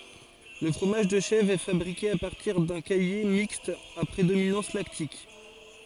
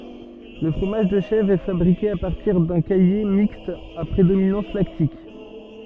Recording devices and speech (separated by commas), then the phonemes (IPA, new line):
forehead accelerometer, soft in-ear microphone, read sentence
lə fʁomaʒ də ʃɛvʁ ɛ fabʁike a paʁtiʁ dœ̃ kaje mikst a pʁedominɑ̃s laktik